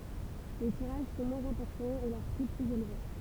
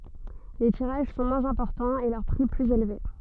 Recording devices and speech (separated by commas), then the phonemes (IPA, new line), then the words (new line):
temple vibration pickup, soft in-ear microphone, read sentence
le tiʁaʒ sɔ̃ mwɛ̃z ɛ̃pɔʁtɑ̃z e lœʁ pʁi plyz elve
Les tirages sont moins importants et leur prix plus élevé.